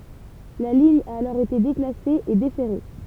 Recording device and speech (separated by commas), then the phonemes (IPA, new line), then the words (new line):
temple vibration pickup, read sentence
la liɲ a alɔʁ ete deklase e defɛʁe
La ligne a alors été déclassée et déferrée.